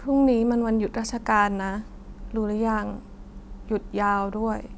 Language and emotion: Thai, sad